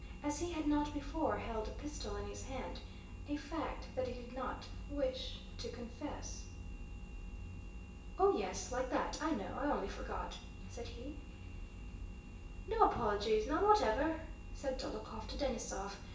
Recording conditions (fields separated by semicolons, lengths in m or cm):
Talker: one person; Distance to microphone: 1.8 m; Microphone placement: close; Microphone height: 1.0 m; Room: large; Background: none